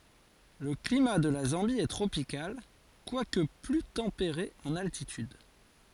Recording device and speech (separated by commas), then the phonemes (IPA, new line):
forehead accelerometer, read sentence
lə klima də la zɑ̃bi ɛ tʁopikal kwak ply tɑ̃peʁe ɑ̃n altityd